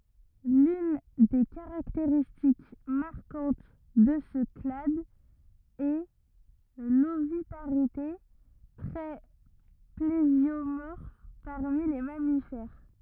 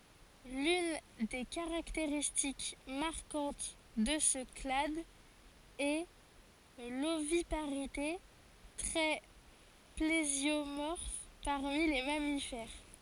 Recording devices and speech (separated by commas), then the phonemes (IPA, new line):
rigid in-ear microphone, forehead accelerometer, read sentence
lyn de kaʁakteʁistik maʁkɑ̃t də sə klad ɛ lovipaʁite tʁɛ plezjomɔʁf paʁmi le mamifɛʁ